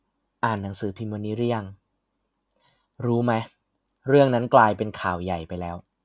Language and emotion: Thai, frustrated